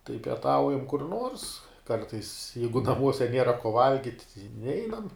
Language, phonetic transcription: Lithuanian, tai pieˈtaujam kur nuors ˈkartais ˈjeigu naˈmuose ˈniera ko ˈvalgit' i ˈneinam

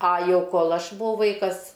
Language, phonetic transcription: Lithuanian, a ˈjau ˈkol ˈaš buˈvau ˈvaikas

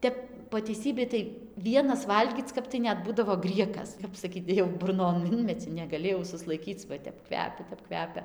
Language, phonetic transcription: Lithuanian, ˈtep po teiˈsybei tai ˈvienas ˈvalgyc ˈkap tai ˈnet ˈbūdavo ˈgriekas ˈkap saˈkyt jau burˈnon ˈinmeci negaˈli jau suslaiˈkyc va ˈtep ˈkvepia ˈtep ˈkvepia

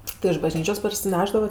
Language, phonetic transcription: Lithuanian, ˈti iš baˈžnyčios parsiˈnešdavat

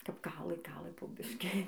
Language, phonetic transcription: Lithuanian, kap ˈkalɘ ˈkalɘ po ˈbiški

